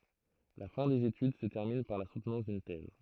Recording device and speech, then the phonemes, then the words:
throat microphone, read sentence
la fɛ̃ dez etyd sə tɛʁmin paʁ la sutnɑ̃s dyn tɛz
La fin des études se termine par la soutenance d'une thèse.

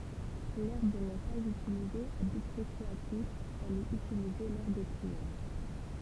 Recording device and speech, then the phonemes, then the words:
temple vibration pickup, read sentence
lɛʁb nɛ paz ytilize a byt ʁekʁeatif ɛl ɛt ytilize lɔʁ de pʁiɛʁ
L'herbe n'est pas utilisée à but récréatif, elle est utilisée lors des prières.

